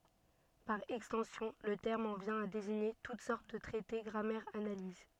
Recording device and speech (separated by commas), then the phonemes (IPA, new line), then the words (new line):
soft in-ear microphone, read sentence
paʁ ɛkstɑ̃sjɔ̃ lə tɛʁm ɑ̃ vjɛ̃ a deziɲe tut sɔʁt də tʁɛte ɡʁamɛʁz analiz
Par extension, le terme en vient à désigner toutes sortes de traités, grammaires, analyses.